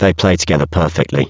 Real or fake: fake